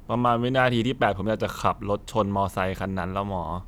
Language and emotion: Thai, frustrated